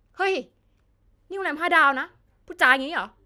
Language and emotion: Thai, angry